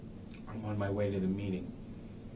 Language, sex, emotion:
English, male, neutral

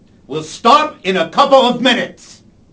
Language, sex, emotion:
English, male, angry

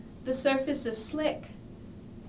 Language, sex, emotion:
English, female, neutral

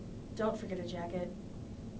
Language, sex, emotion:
English, female, neutral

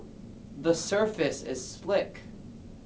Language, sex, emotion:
English, male, neutral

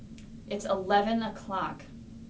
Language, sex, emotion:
English, female, neutral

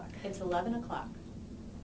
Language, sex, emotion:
English, female, neutral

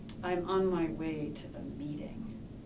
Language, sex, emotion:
English, female, disgusted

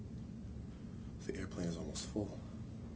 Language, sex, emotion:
English, male, neutral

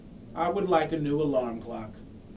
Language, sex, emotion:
English, male, neutral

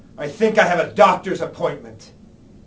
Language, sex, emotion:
English, male, angry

